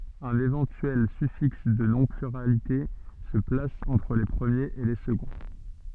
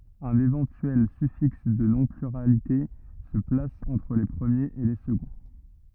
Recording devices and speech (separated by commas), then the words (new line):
soft in-ear microphone, rigid in-ear microphone, read sentence
Un éventuel suffixe de non pluralité se place entre les premiers et les seconds.